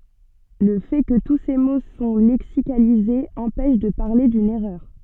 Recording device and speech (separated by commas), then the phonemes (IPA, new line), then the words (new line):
soft in-ear microphone, read sentence
lə fɛ kə tu se mo sɔ̃ lɛksikalizez ɑ̃pɛʃ də paʁle dyn ɛʁœʁ
Le fait que tous ces mots sont lexicalisés empêche de parler d'une erreur.